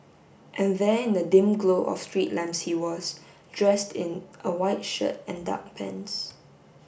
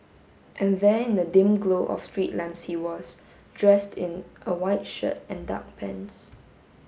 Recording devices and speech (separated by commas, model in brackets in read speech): boundary microphone (BM630), mobile phone (Samsung S8), read sentence